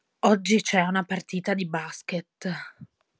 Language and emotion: Italian, disgusted